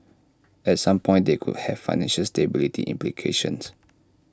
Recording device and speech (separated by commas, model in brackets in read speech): standing microphone (AKG C214), read sentence